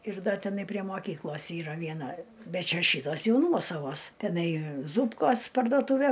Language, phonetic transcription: Lithuanian, ir ˈda teˈnai prie moˈkyklos ˈyra vieˈna ˈbet ˈčia ˈšytos ˈjau ˈnuosavos teˈnai ˈzūpkos parduoˈtūve

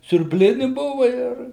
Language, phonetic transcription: Lithuanian, siurbˈlini ˈbuva ˈir

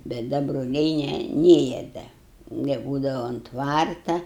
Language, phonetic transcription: Lithuanian, bet ˈda broˈliai ˈne ˈnėja ˈda neˈbūdava ont ˈtvarta

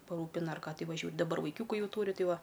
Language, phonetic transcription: Lithuanian, paˈrūpina ar ˈką ˈtai vaˈžiuo daˈbar vaiˈkiūku ˈjau ˈtūri ˈtai ˈva

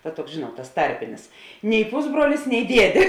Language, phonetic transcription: Lithuanian, ˈta ˈtuoks ˈžėnuot tas ˈtarpinis nei ˈpusbruolis nei ˈdiedė

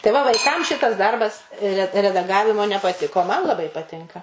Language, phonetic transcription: Lithuanian, tai ˈva vaiˈkam ˈšitas ˈdarbas re redaˈgavimo nepaˈtiko o ˈman laˈbai paˈtinka

